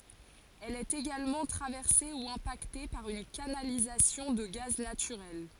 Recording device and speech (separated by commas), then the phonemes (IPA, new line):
forehead accelerometer, read sentence
ɛl ɛt eɡalmɑ̃ tʁavɛʁse u ɛ̃pakte paʁ yn kanalizasjɔ̃ də ɡaz natyʁɛl